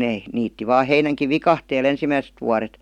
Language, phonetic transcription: Finnish, 'nee , 'niitti vaa 'heinäŋkiv "vikahtee'l ‿ensimäiset vuaret .
- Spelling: ne niitti vain heinänkin viikatteella ensimmäiset vuodet

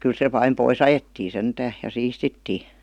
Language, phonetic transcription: Finnish, 'kyl se 'ᵖ§aim "pois ‿ajettii "sentää , ja 'siistittii .
- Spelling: kyllä se aina pois ajettiin sentään ja siistittiin

